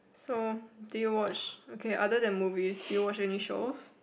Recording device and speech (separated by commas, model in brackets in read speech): boundary microphone, conversation in the same room